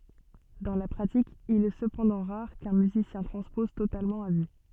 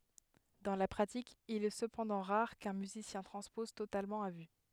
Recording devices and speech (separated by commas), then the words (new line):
soft in-ear microphone, headset microphone, read sentence
Dans la pratique, il est cependant rare qu'un musicien transpose totalement à vue.